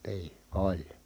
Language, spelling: Finnish, niin oli
- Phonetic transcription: nii , oĺ .

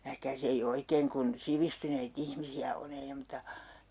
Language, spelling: Finnish, nähkääs ei oikein kun sivistyneitä ihmisiä on ei ne mutta
- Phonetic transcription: "nähkääs ‿ei 'oikeeŋ kun , 'sivistynei't ‿ihmisi₍ä o'n ‿ei ne mᵘta ,.

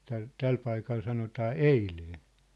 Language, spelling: Finnish, tällä tällä paikalla sanotaan eilen
- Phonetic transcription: täl , "täl paikal 'sanotaa » "eilee . «

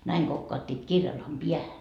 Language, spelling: Finnish, näin kokauttivat kirjallaan päähän
- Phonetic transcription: näiŋ 'Gokkaattiit "kirjallaam 'piähä .

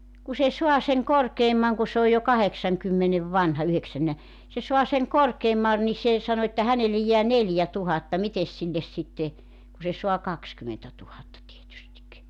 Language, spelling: Finnish, kun se saa sen korkeamman kun se on jo kahdeksankymmenen vanha yhdeksännellä se saa sen korkeamman niin se sanoi että hänelle jää neljätuhatta mitenkäs sille sitten kun se saa kaksikymmentätuhatta tietysti
- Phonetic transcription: ku se 'sua seŋ 'korkeemmaŋ ku se ‿oj jo "kaheksaŋkymmenev 'vanha 'yheksänne(lä) , se sua seŋ 'korkeemma , ni 'se sano että 'hänellej jeä 'neljä'tuhatta 'mites silles sitte , ku se soa 'kakskymentätuhatta tietystik .

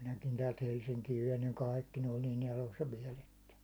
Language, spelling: Finnish, minäkin täältä Helsinkiin vein niin kaikki ne oli niin elossa vielä että
- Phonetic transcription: minäkin täält 'Helsiŋkiiv vein niiŋ "kàikki ne oĺ niin 'elossa 'viɛl ‿että .

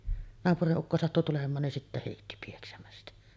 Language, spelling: Finnish, naapurin ukko sattui tulemaan niin sitten heitti pieksämästä
- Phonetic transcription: 'naapuriˀ 'ˀukko sattu tulem̆maan nin 'sittä hèitti pieksämästä .

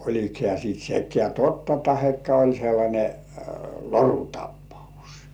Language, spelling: Finnish, oliko hän sitten sekään totta tai oli sellainen lorutapaus
- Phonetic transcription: 'oĺik hĕä̀ siit 'sekkĕä̀ "totta 'tahekka oĺ sellańe , "lorutappaus .

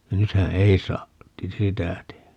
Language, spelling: Finnish, nythän ei saa sitä tehdä
- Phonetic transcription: 'nythä "ei saa , "sitä tehä .

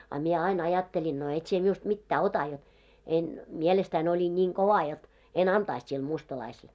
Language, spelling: Finnish, a minä aina ajattelin no et sinä minusta mitään ota jotta en mielestäni olin niin kova jotta en antaisi sille mustalaiselle
- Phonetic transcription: a mie 'ain 'ajatteĺin » no 'et sie miust 'mittää "ota « jot en , "mielestäin ‿oĺin ńiiŋ 'kova jot , 'en "antaist sil 'mustalaisel .

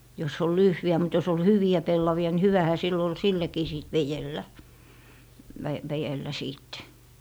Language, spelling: Finnish, jos oli lyhyitä mutta jos oli hyviä pellavia niin hyvähän sillä oli sitäkin sitten vedellä - vedellä sitten
- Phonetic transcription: jos ‿ol 'lyhjä mut jos ‿ol "hyvi₍ä 'pellavi₍a ni 'hyvähä sill ‿ol 'sitäkii sìt "vejellä , vä - väjellä 'siitte .

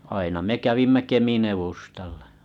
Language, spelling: Finnish, aina me kävimme Kemin edustalla
- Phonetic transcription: aina me 'kävimmä 'Kemin ‿evustallᴀ .

